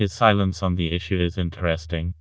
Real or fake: fake